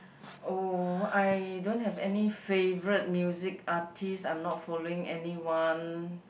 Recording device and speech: boundary microphone, conversation in the same room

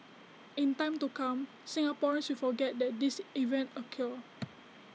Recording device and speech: mobile phone (iPhone 6), read sentence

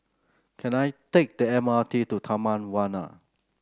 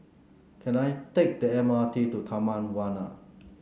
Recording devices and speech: close-talking microphone (WH30), mobile phone (Samsung C9), read sentence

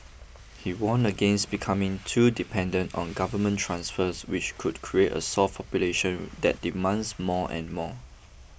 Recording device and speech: boundary microphone (BM630), read sentence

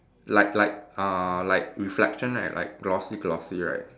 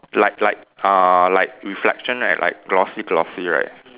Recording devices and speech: standing microphone, telephone, conversation in separate rooms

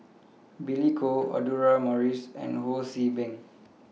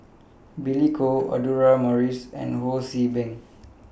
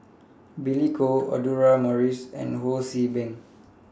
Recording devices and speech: mobile phone (iPhone 6), boundary microphone (BM630), standing microphone (AKG C214), read sentence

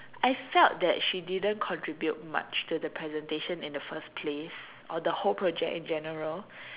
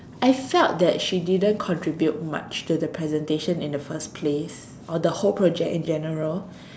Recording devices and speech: telephone, standing microphone, conversation in separate rooms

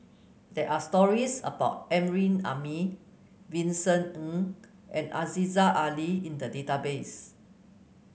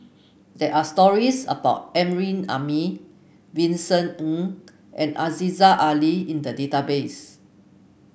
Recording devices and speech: mobile phone (Samsung C9), boundary microphone (BM630), read sentence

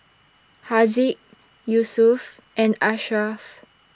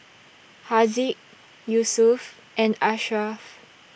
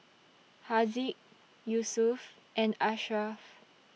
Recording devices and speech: standing microphone (AKG C214), boundary microphone (BM630), mobile phone (iPhone 6), read sentence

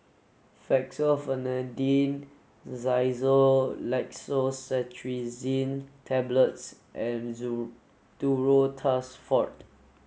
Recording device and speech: mobile phone (Samsung S8), read sentence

